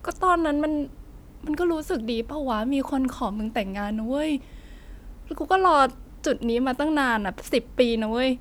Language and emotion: Thai, frustrated